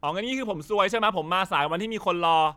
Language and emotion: Thai, frustrated